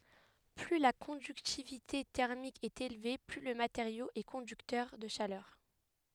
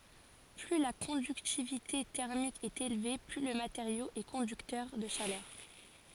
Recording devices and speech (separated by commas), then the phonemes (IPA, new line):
headset microphone, forehead accelerometer, read sentence
ply la kɔ̃dyktivite tɛʁmik ɛt elve ply lə mateʁjo ɛ kɔ̃dyktœʁ də ʃalœʁ